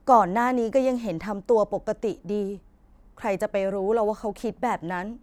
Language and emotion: Thai, sad